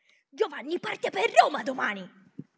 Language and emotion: Italian, angry